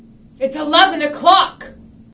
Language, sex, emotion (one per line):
English
female
angry